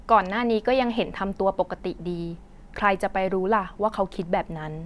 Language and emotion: Thai, neutral